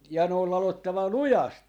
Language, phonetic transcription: Finnish, ja ne ol 'lalottava "lujast .
- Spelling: ja ne on ladottava lujasti

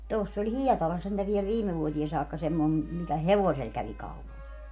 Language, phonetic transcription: Finnish, 'toss ‿oĺ "Hiɛtalas sentä viɛl "viime 'vuotie saakka semmoi , mikä "hevosel kävi 'kaupal .
- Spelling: tuossa oli Hietalassa sentään vielä viime vuoteen saakka semmoinen mikä hevosella kävi kaupalla

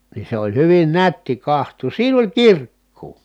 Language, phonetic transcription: Finnish, nin̬ se oĺ hyvin nätti kaht̀uus siin ‿oĺ kirkkuu !
- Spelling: niin se oli hyvin nätti katsoa siinä oli kirkkoa

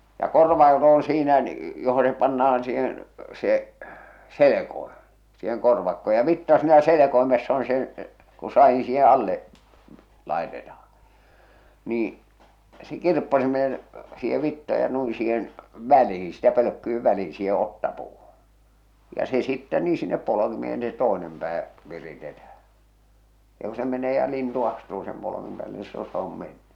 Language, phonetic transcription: Finnish, ja 'korvaakot oon̬ siinä , joho se panna₍an siihen , se , 'selekoiᴍ- , siiheŋ korvakko ja 'vitta siinä "selekoimess ‿on "se , ku "sa₍in̬ siihe 'alle’ , 'làḙtetahᴀ , nii , se 'kirppasimeen , siihe 'vitta ja 'nui 'siihen , 'välihɪ sitä 'pölökkyiv 'välii siihe 'ottapuuhᴜ , ja se sittɛ nii sinnep 'polokimeen se 'toenem pää , 'viritetäh̬ä , ja ku se 'menee ja 'lintu astuu sem polokimᵉᵐ päälle nii 'sillo se om 'menny .
- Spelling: ja korvakot on siinä johon se pannaan siihen se - siihen korvakko ja vitsa siinä selkoimessa on se kun sadin siihen alle laitetaan niin se kirppasimeen siihen vitsa ja noin siihen väliin sitä pölkkyjen väliin siihen otsapuuhun ja se sitten niin sinne polkimeen se toinen pää viritetään ja kun se menee ja lintu astuu sen polkimen päälle niin silloin se on mennyt

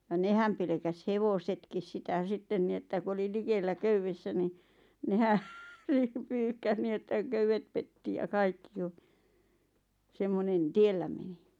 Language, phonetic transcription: Finnish, ja "nehäm pelᵉkäs "hevosetkis sitä 'sitten ni että ku oli 'likellä "köyvvessä ni , 'nehä ɴɪ 'pyyhkäs nii että , "köywet petti ja "kaikki ʲᵒ , 'semmonen , "tiellä meni .
- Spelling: ja nehän pelkäsi hevosetkin sitä sitten niin että kun oli likellä köydessä niin nehän niin pyyhkäisi niin että köydet petti ja kaikki ja semmoinen tiellä meni

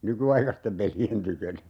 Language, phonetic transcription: Finnish, "nykyaikastem 'peli₍en 'tykönä .
- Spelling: nykyaikaisten pelien tykönä

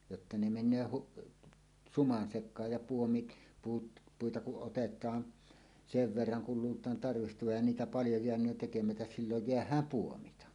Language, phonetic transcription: Finnish, jotta ne 'men̆nöö huk- , "suman 'sek̆kaaj ja 'puomit , puut , 'puita kuˀ ˀotet̀aan , "sev 'verraŋ kul 'luult̀aan 'tarvihtovaj ja 'niitä "paljo 'jeäǹöön tekemätäs "silloj "jeäh̀ääm 'puomita .
- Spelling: jotta ne menee - suman sekaan ja puomit puut puita kun otetaan sen verran kun luullaan tarvitsevan ja niitä paljon jäänee tekemättä silloin jäädään puomitta

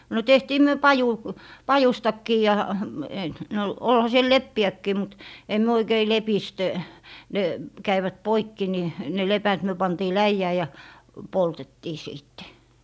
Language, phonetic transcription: Finnish, no 'tehtii 'myö 'paju- , "pajustakkii ja , (--) no , 'olha 'siel "leppi₍äkkii mut , em 'myö 'oikei "lepist , ne , 'käivät "poikki ni , ne 'lepät myö 'pantii "läijää ja , 'poltettii 'siitte .
- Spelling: no tehtiin me - pajustakin ja - no olihan siellä leppiäkin mutta ei me oikein lepistä ne kävivät poikki niin ne lepät me pantiin läjään ja poltettiin sitten

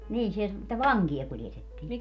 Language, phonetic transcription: Finnish, 'niin se että "vaŋki₍a 'kuljetettii .
- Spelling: niin se että vankeja kuljetettiin

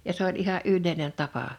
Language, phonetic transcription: Finnish, ja 's ‿oĺ '’iha’ "’yllèinen 'tapa .
- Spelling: ja se oli ihan yleinen tapa

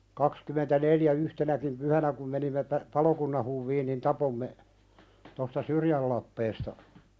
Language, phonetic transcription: Finnish, kakskymentä'neljä 'yhtenäkim "pyhänä kum menimme pä- 'palokunnan huvviin nin "tapomme , tosta "Syrjäl lappeesta ,.
- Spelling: kaksikymmentäneljä yhtenäkin pyhänä kun menimme - palokunnan huviin niin tapoimme tuosta Syrjän lappeesta

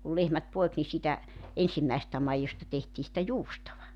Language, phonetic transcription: Finnish, kul 'lehmät 'poek ni siitä , 'ensimmäesᵉstä 'maijosta tehtii sⁱtä "juustova .
- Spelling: kun lehmät poiki niin siitä ensimmäisestä maidosta tehtiin sitä juustoa

